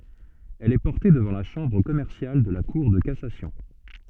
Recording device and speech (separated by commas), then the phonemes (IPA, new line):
soft in-ear microphone, read sentence
ɛl ɛ pɔʁte dəvɑ̃ la ʃɑ̃bʁ kɔmɛʁsjal də la kuʁ də kasasjɔ̃